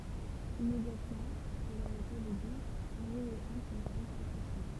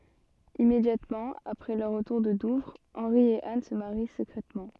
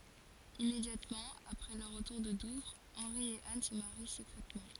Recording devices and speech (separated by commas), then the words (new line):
temple vibration pickup, soft in-ear microphone, forehead accelerometer, read sentence
Immédiatement après leur retour de Douvres, Henri et Anne se marient secrètement.